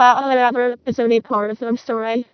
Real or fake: fake